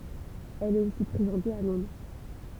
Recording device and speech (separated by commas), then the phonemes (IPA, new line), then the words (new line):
temple vibration pickup, read sentence
ɛl ɛt osi pʁezɑ̃te a lɔ̃dʁ
Elle est aussi présentée à Londres.